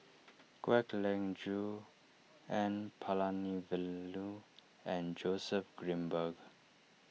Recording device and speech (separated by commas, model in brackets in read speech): mobile phone (iPhone 6), read sentence